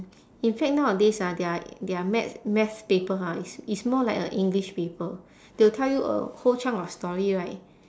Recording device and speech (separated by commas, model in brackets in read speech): standing microphone, conversation in separate rooms